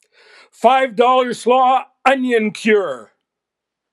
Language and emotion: English, happy